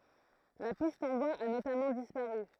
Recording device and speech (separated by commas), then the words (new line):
throat microphone, read sentence
La piste en bois a notamment disparu.